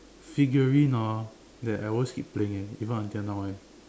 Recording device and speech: standing microphone, conversation in separate rooms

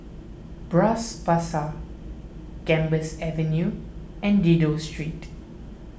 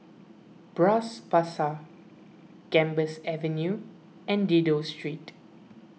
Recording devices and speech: boundary microphone (BM630), mobile phone (iPhone 6), read sentence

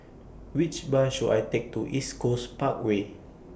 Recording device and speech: boundary microphone (BM630), read sentence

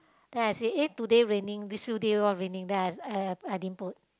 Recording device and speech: close-talking microphone, conversation in the same room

